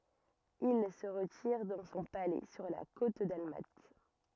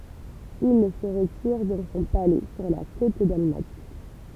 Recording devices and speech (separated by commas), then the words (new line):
rigid in-ear microphone, temple vibration pickup, read sentence
Il se retire dans son palais sur la côte dalmate.